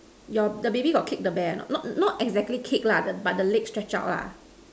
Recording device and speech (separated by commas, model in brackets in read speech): standing microphone, conversation in separate rooms